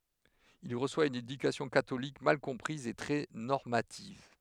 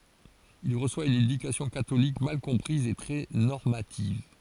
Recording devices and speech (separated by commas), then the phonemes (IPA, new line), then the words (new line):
headset microphone, forehead accelerometer, read sentence
il ʁəswa yn edykasjɔ̃ katolik mal kɔ̃pʁiz e tʁɛ nɔʁmativ
Il reçoit une éducation catholique mal comprise et très normative.